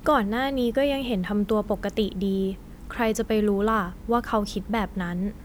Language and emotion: Thai, neutral